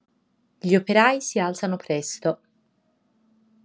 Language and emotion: Italian, neutral